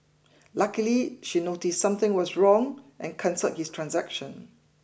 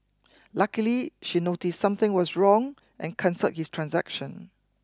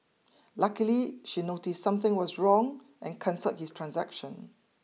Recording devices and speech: boundary microphone (BM630), close-talking microphone (WH20), mobile phone (iPhone 6), read sentence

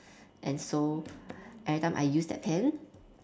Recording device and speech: standing microphone, conversation in separate rooms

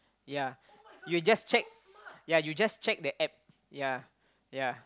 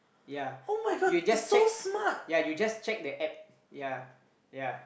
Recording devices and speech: close-talking microphone, boundary microphone, conversation in the same room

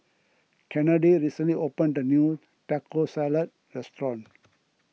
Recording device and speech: mobile phone (iPhone 6), read sentence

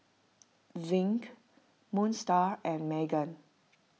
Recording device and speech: mobile phone (iPhone 6), read sentence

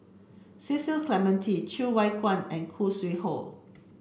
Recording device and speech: boundary microphone (BM630), read sentence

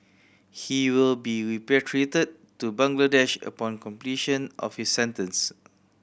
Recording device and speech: boundary microphone (BM630), read sentence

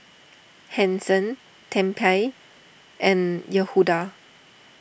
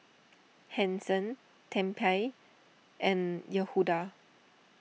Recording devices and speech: boundary microphone (BM630), mobile phone (iPhone 6), read sentence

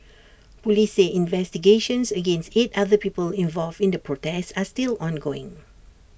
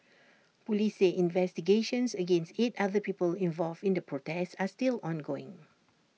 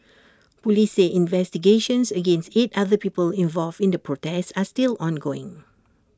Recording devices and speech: boundary microphone (BM630), mobile phone (iPhone 6), standing microphone (AKG C214), read sentence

